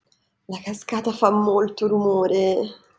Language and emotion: Italian, disgusted